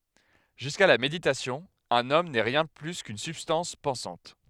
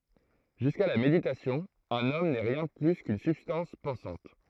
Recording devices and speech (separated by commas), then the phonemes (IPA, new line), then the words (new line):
headset microphone, throat microphone, read sentence
ʒyska la meditasjɔ̃ œ̃n ɔm nɛ ʁjɛ̃ də ply kyn sybstɑ̃s pɑ̃sɑ̃t
Jusqu'à la méditation, un homme n'est rien de plus qu'une substance pensante.